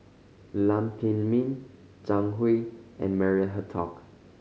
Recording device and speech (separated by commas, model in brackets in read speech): mobile phone (Samsung C5010), read sentence